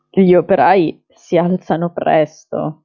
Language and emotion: Italian, disgusted